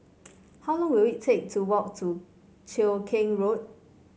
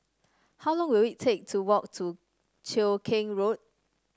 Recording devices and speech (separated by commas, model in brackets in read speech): mobile phone (Samsung C5), standing microphone (AKG C214), read sentence